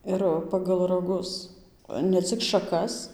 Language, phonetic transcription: Lithuanian, ˈir ˌpagal raˈgus ne ˈcik šaˈkas

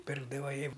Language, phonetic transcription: Lithuanian, ˈpirkdava ˈji

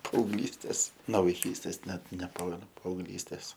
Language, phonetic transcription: Lithuanian, paaugˈlystės no vaiˈkystės ˈnet neˈpamenu paaugˈlystės

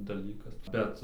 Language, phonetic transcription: Lithuanian, daˈlykas ˈbet

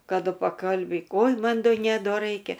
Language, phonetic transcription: Lithuanian, kaˈdu paˈkalbyk oj ˈman ˈdo ˈne ˈdo ˈraikia

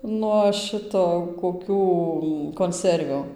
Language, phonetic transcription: Lithuanian, nuo ˈšito koˈkių konˈservių

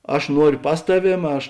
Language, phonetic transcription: Lithuanian, ˈaš ˈnuorio ˈpas taˌvėm ˈaš

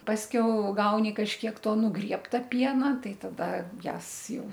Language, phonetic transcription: Lithuanian, pasˈkiau ˈgauni kažkiek ˈto nuˈgriebta ˈpiena ˈtai ˈtada ˈjąs ˈjau

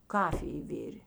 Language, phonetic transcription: Lithuanian, ˈkafij ˈvirė

